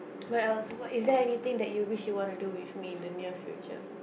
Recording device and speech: boundary microphone, conversation in the same room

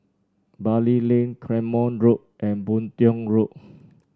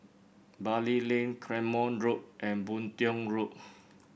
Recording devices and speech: standing microphone (AKG C214), boundary microphone (BM630), read sentence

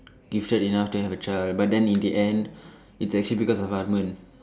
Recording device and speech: standing microphone, conversation in separate rooms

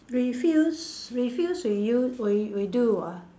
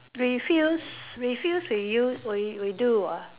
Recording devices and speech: standing microphone, telephone, conversation in separate rooms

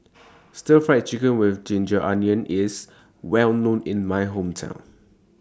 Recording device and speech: standing microphone (AKG C214), read sentence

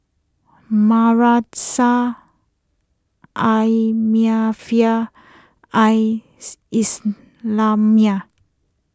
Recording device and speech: close-talking microphone (WH20), read sentence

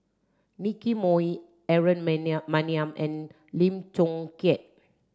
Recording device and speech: standing microphone (AKG C214), read sentence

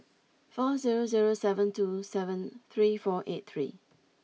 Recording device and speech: mobile phone (iPhone 6), read sentence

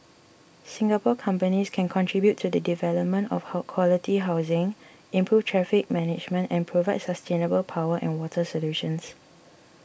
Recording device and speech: boundary microphone (BM630), read sentence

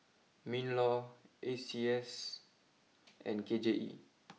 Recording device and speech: mobile phone (iPhone 6), read sentence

